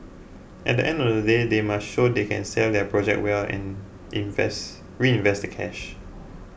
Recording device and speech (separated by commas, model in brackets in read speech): boundary microphone (BM630), read sentence